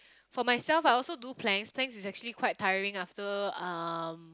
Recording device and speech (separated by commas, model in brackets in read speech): close-talking microphone, conversation in the same room